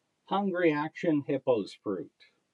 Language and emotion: English, neutral